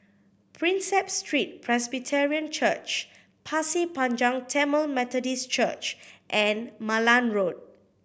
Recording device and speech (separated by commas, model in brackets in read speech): boundary microphone (BM630), read sentence